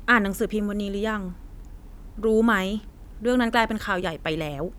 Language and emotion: Thai, frustrated